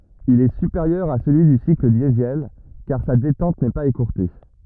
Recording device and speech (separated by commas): rigid in-ear microphone, read sentence